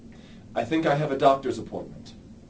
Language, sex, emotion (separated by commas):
English, male, neutral